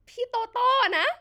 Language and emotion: Thai, happy